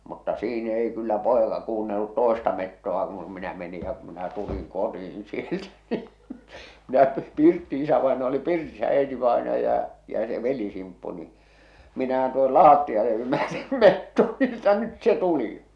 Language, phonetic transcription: Finnish, mutta "sii'n ‿ei kyllä "pòeka 'kuunnellut "tòesta 'metto₍a kun minä meni ja ku minä 'tuliŋ "koti₍in sieltä ni , 'minä 'pirtti- , 'isävaenaja oli oli 'pirtisä 'äitivaenaja , ja se 'veli-Simppu ni , minähän tuohol "laattijale jymäytim "metto ni että 'nyt se "tuli !
- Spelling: mutta siinä ei kyllä poika kuunnellut toista metsoa kun minä menin ja kun minä tulin kotiin sieltä niin minä - isävainaja oli oli pirtissä äitivainaja ja se veli-Simppu niin minähän tuohon lattialle jymäytin metson niin että nyt se tuli

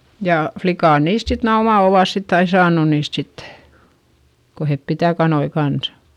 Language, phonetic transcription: Finnish, jà , flikàn niist sit - nää oma - ovàs sitt ‿ai saanu niist sittE , ko hep pitä̀ kanoi kansA .
- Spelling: ja likat niistä sitten nämä omat ovat sitten aina saanut niistä sitten kun he pitää kanoja kanssa

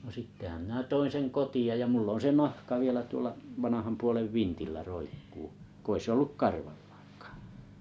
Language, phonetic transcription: Finnish, no 'sittehäm minä 'toin̬ seŋ 'koti₍aj ja 'mull ‿on se "nahka 'vielä 'tuola , 'vanaham puolev "vintillä 'roikkuu , 'ko ‿i 's ‿olluk "karvaʟʟᴀᴀᴎkᴀᴀ .
- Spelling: no sittenhän minä toin sen kotiin ja minulla on se nahka vielä tuolla vanhan puolen vintillä roikkuu kun ei se ollut karvallaankaan

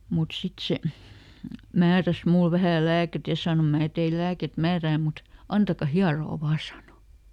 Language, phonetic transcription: Finnish, mut ˈsit se , ˈmääräs "mul ˈvähä̀ ˈlääket ja ˈsàno » ˈmää teil ˈlääket "määrää mut , ˈantaka "hiaroo ˈvaa » ˈsàno .
- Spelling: mutta sitten se määräsi minulle vähän lääkettä ja sanoi minä teille lääkettä määrään mutta antakaa hieroa vain sanoi

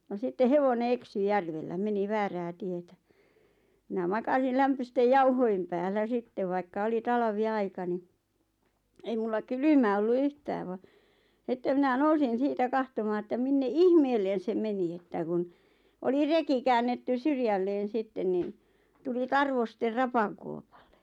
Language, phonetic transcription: Finnish, no 'sitte "hevone "eksy "järvellä , "meni "väärää 'tietä , minä "makasil 'lämpöstej 'jauhoi̬m päällä 'sittev vaikka 'oli "taiʿᵃʾvi₍'aika ni , "ei mulla "kylymä ollu "yhtääv va , sⁱtte 'minä "nousin 'siitä "kahtomaa että 'minne "ihmeel̆len se 'meni että kun , oli 'reki käännettys "syrjälleen̬ 'sitten niin , 'tuli "tarvoster 'rapakuopaʟʟᴇ .
- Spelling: no sitten hevonen eksyi järvellä meni väärään tietä minä makasin lämpöisten jauhojen päällä sitten vaikka oli talviaika niin ei minulla kylmä ollut yhtään vaan sitten minä nousin siitä katsomaan että minne ihmeelle se meni että kun oli reki käännetty syrjälleen sitten niin tuli tarvosten rapakuopalle

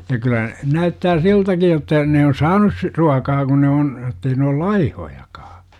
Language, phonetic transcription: Finnish, ja kylä , 'näyttää "siltäki jotta , ne on "saanus si- , 'ruakaa kun ne on , ettei ne ol ''laihojakaa .
- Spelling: ja kyllä näyttää siltäkin jotta ne on saaneet - ruokaa kun ne on että ei ne ole laihojakaan

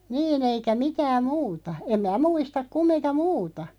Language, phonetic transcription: Finnish, 'niin ‿eikä 'mitääm "muuta , em mää "muistak 'kummiŋka "muuta .
- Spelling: niin eikä mitään muuta en minä muista kumminkaan muuta

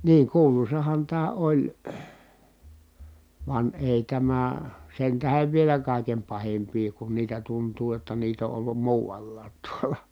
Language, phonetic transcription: Finnish, ... niiŋ kuulusahan tää oĺ , van èi tämä , sen tähev vielä kàikem pahimpii kun niitä tuntuu ʲotta niit ‿o ʼollum muuvallaat tuola .
- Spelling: niin kuuluisahan tämä oli vaan ei tämä sen tähden vielä kaiken pahimpia kun niitä tuntuu jotta niitä on ollut muualla tuolla

